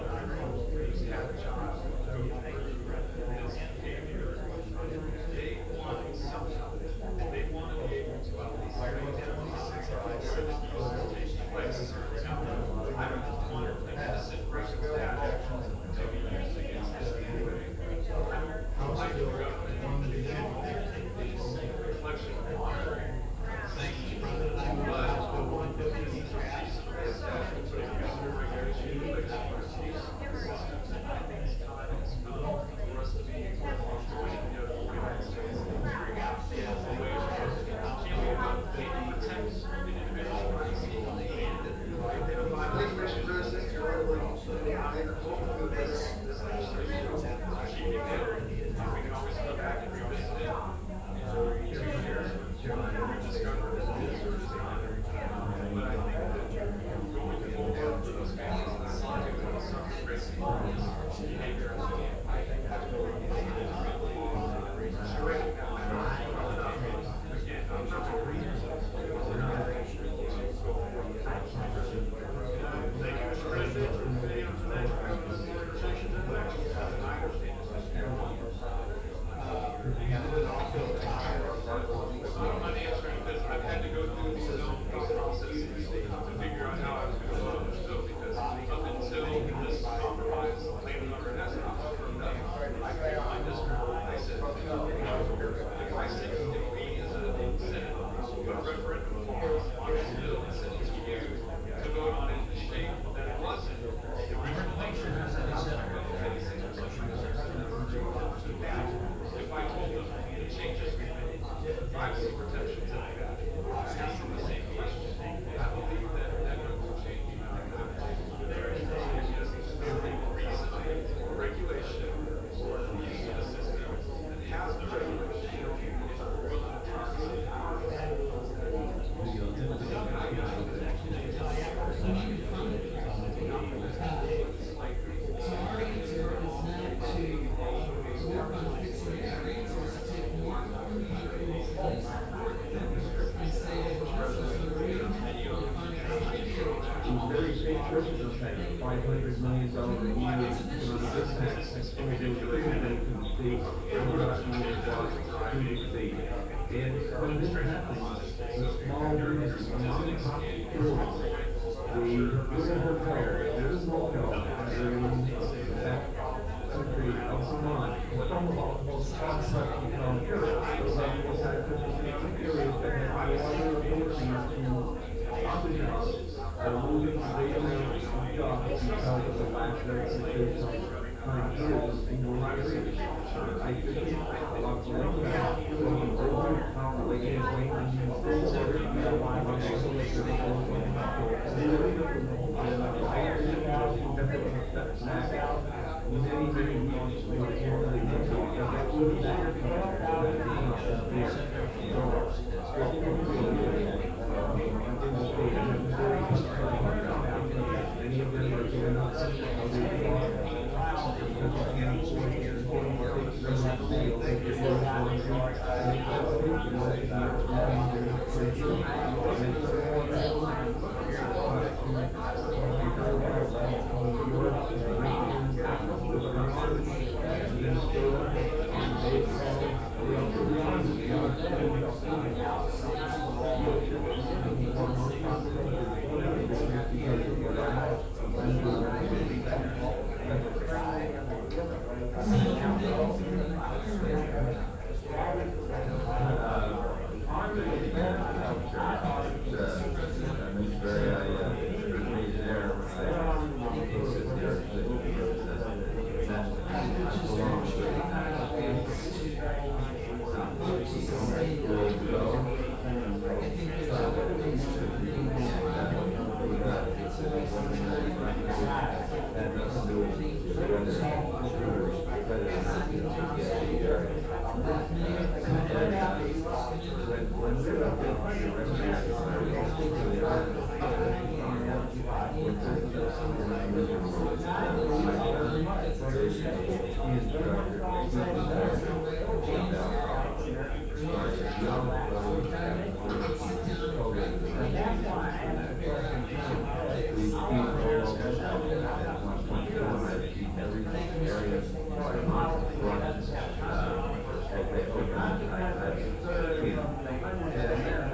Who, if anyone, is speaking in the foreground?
No one.